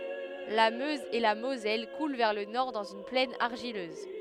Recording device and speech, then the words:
headset microphone, read sentence
La Meuse et la Moselle coulent vers le nord dans une plaine argileuse.

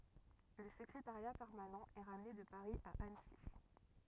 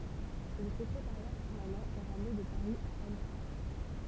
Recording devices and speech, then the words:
rigid in-ear microphone, temple vibration pickup, read sentence
Le secrétariat permanent est ramené de Paris à Annecy.

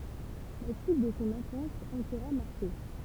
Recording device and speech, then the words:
temple vibration pickup, read sentence
La suite de son enfance en sera marquée.

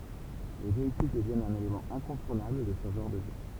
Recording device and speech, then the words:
temple vibration pickup, read sentence
Les véhicules deviennent un élément incontournable de ce genre de jeu.

